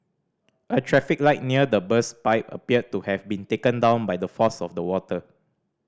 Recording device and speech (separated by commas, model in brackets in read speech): standing microphone (AKG C214), read sentence